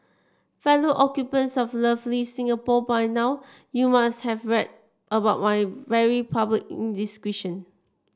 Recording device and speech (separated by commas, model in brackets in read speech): standing microphone (AKG C214), read sentence